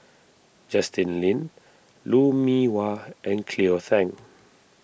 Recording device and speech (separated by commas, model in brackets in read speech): boundary microphone (BM630), read sentence